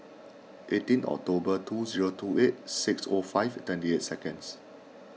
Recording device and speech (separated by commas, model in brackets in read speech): mobile phone (iPhone 6), read sentence